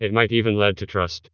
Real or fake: fake